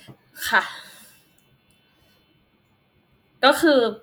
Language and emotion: Thai, frustrated